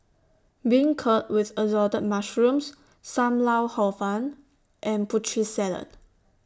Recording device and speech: standing microphone (AKG C214), read sentence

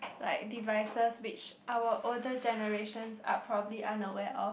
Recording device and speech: boundary microphone, conversation in the same room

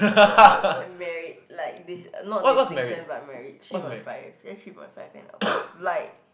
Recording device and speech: boundary microphone, conversation in the same room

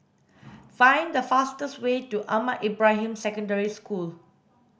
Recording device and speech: boundary microphone (BM630), read sentence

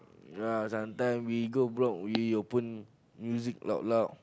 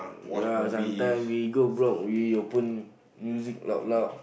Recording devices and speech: close-talking microphone, boundary microphone, conversation in the same room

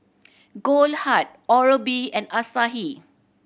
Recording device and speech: boundary microphone (BM630), read sentence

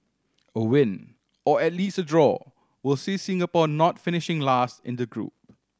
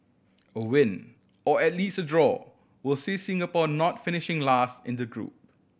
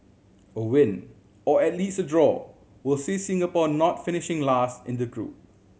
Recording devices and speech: standing microphone (AKG C214), boundary microphone (BM630), mobile phone (Samsung C7100), read sentence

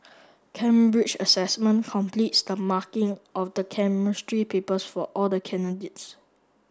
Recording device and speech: standing microphone (AKG C214), read sentence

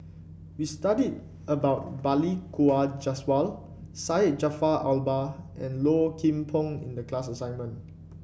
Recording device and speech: boundary microphone (BM630), read sentence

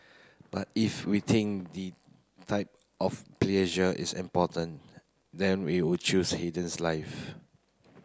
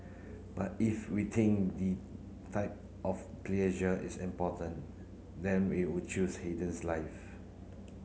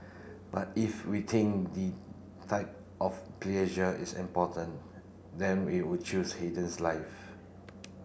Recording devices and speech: close-talking microphone (WH30), mobile phone (Samsung C9), boundary microphone (BM630), read sentence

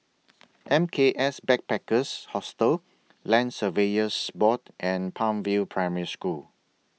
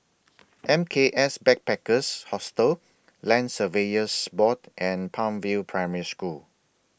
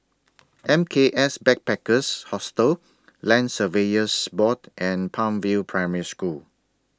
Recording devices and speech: mobile phone (iPhone 6), boundary microphone (BM630), standing microphone (AKG C214), read sentence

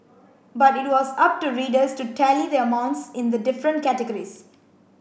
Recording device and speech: boundary microphone (BM630), read sentence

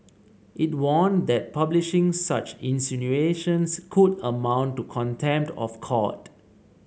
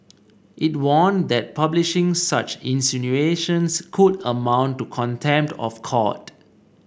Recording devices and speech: mobile phone (Samsung C7), boundary microphone (BM630), read sentence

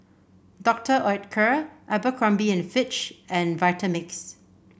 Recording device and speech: boundary microphone (BM630), read sentence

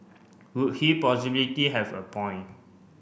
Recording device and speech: boundary microphone (BM630), read sentence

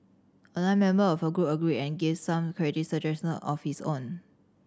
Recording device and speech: standing microphone (AKG C214), read sentence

